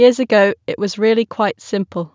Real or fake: real